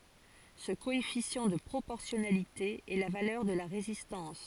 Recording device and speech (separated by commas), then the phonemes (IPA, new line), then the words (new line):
forehead accelerometer, read sentence
sə koɛfisjɑ̃ də pʁopɔʁsjɔnalite ɛ la valœʁ də la ʁezistɑ̃s
Ce coefficient de proportionnalité est la valeur de la résistance.